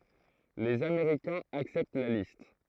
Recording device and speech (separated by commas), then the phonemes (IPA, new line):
throat microphone, read sentence
lez ameʁikɛ̃z aksɛpt la list